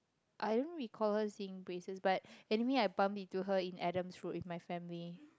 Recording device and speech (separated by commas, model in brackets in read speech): close-talking microphone, conversation in the same room